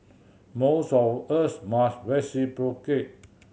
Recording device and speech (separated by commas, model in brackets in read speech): mobile phone (Samsung C7100), read sentence